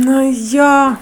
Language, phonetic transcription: Lithuanian, ˈnu ˈjo

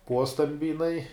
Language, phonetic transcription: Lithuanian, ˈpuostambi jiˈnai

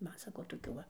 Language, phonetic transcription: Lithuanian, ˈman ˈsako toˈkių ˈva

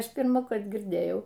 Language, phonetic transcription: Lithuanian, ˈaš pirmąˈkart girˈdėjau

